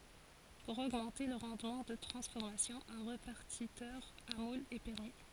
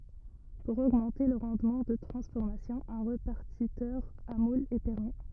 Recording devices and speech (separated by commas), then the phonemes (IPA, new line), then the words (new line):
forehead accelerometer, rigid in-ear microphone, read sentence
puʁ oɡmɑ̃te lə ʁɑ̃dmɑ̃ də tʁɑ̃sfɔʁmasjɔ̃ œ̃ ʁepaʁtitœʁ a mulz ɛ pɛʁmi
Pour augmenter le rendement de transformation, un répartiteur à moules est permis.